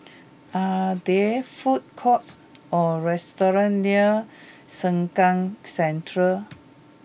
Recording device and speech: boundary microphone (BM630), read sentence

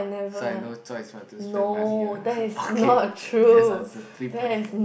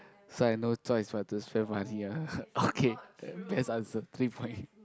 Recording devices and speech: boundary microphone, close-talking microphone, conversation in the same room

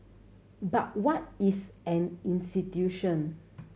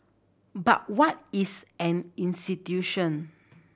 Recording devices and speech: mobile phone (Samsung C7100), boundary microphone (BM630), read sentence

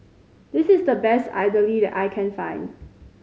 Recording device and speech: mobile phone (Samsung C5010), read sentence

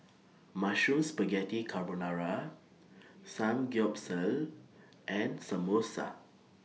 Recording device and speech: mobile phone (iPhone 6), read sentence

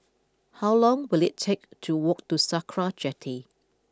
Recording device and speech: close-talking microphone (WH20), read sentence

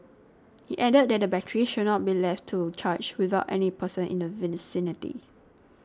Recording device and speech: standing microphone (AKG C214), read sentence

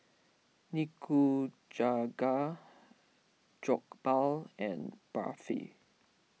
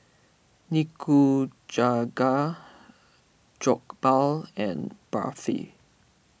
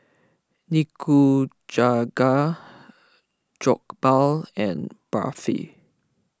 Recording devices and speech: mobile phone (iPhone 6), boundary microphone (BM630), close-talking microphone (WH20), read sentence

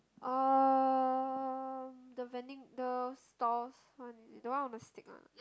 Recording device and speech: close-talking microphone, conversation in the same room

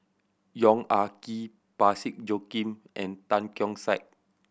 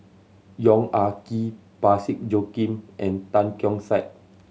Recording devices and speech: boundary microphone (BM630), mobile phone (Samsung C7100), read sentence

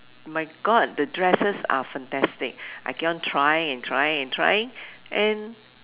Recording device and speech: telephone, conversation in separate rooms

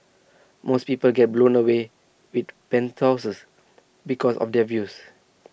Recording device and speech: boundary microphone (BM630), read sentence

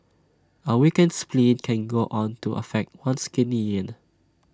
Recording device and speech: standing microphone (AKG C214), read sentence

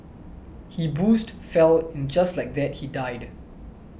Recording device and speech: boundary microphone (BM630), read sentence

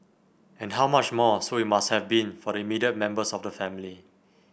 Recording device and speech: boundary microphone (BM630), read sentence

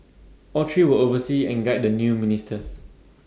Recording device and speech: standing microphone (AKG C214), read sentence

